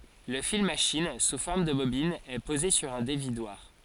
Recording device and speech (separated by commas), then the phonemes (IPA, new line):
forehead accelerometer, read sentence
lə fil maʃin su fɔʁm də bobin ɛ poze syʁ œ̃ devidwaʁ